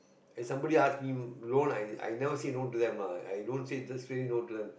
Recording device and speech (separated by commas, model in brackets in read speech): boundary microphone, conversation in the same room